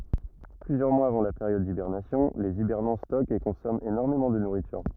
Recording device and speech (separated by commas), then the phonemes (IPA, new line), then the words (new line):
rigid in-ear microphone, read sentence
plyzjœʁ mwaz avɑ̃ la peʁjɔd dibɛʁnasjɔ̃ lez ibɛʁnɑ̃ stɔkt e kɔ̃sɔmɑ̃ enɔʁmemɑ̃ də nuʁityʁ
Plusieurs mois avant la période d’hibernation, les hibernants stockent et consomment énormément de nourriture.